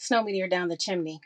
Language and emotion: English, surprised